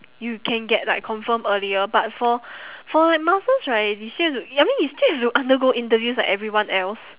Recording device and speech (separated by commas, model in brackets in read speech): telephone, conversation in separate rooms